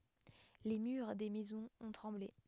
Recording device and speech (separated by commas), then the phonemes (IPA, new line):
headset microphone, read sentence
le myʁ de mɛzɔ̃z ɔ̃ tʁɑ̃ble